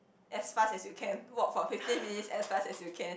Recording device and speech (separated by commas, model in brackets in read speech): boundary microphone, conversation in the same room